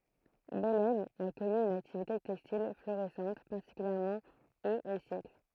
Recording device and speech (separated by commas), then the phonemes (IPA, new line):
throat microphone, read sentence
bɛlɛm a kɔny yn aktivite tɛkstil floʁisɑ̃t paʁtikyljɛʁmɑ̃ oz e sjɛkl